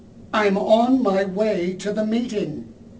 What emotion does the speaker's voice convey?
angry